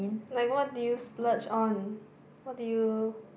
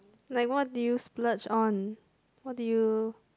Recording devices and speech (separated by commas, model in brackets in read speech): boundary microphone, close-talking microphone, conversation in the same room